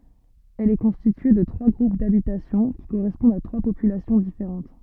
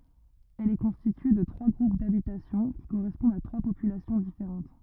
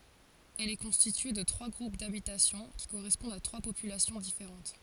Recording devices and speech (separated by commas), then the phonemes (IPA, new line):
soft in-ear microphone, rigid in-ear microphone, forehead accelerometer, read sentence
ɛl ɛ kɔ̃stitye də tʁwa ɡʁup dabitasjɔ̃ ki koʁɛspɔ̃dt a tʁwa popylasjɔ̃ difeʁɑ̃t